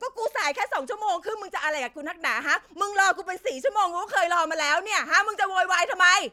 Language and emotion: Thai, angry